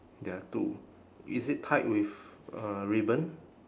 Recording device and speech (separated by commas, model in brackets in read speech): standing microphone, conversation in separate rooms